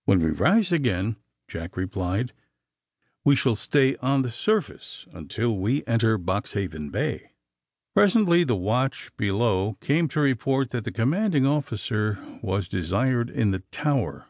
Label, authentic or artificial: authentic